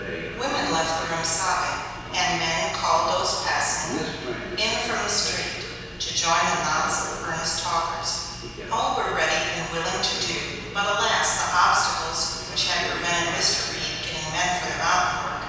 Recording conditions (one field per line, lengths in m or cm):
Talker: one person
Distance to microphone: 7.1 m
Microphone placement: far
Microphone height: 1.7 m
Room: very reverberant, large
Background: television